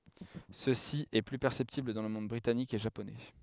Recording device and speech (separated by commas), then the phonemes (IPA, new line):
headset microphone, read sentence
səsi ɛ ply pɛʁsɛptibl dɑ̃ lə mɔ̃d bʁitanik e ʒaponɛ